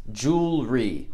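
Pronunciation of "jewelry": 'Jewelry' is said with two syllables. The middle syllable is skipped.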